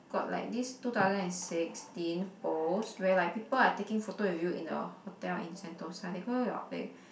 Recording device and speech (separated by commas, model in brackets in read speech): boundary microphone, conversation in the same room